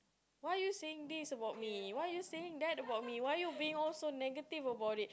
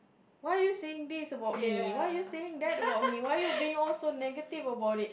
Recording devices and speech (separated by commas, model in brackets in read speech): close-talking microphone, boundary microphone, conversation in the same room